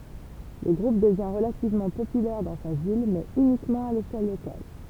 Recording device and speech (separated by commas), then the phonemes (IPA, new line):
temple vibration pickup, read sentence
lə ɡʁup dəvjɛ̃ ʁəlativmɑ̃ popylɛʁ dɑ̃ sa vil mɛz ynikmɑ̃ a leʃɛl lokal